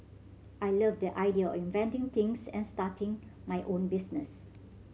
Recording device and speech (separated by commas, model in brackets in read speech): mobile phone (Samsung C7100), read sentence